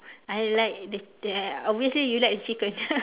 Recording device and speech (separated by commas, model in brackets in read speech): telephone, conversation in separate rooms